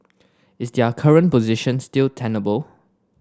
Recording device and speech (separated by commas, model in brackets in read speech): standing microphone (AKG C214), read sentence